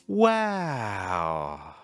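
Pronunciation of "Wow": On 'Wow', the voice goes really high and then ends really low.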